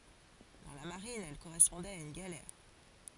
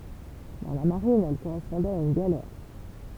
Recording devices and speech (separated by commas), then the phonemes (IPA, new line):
forehead accelerometer, temple vibration pickup, read sentence
dɑ̃ la maʁin ɛl koʁɛspɔ̃dɛt a yn ɡalɛʁ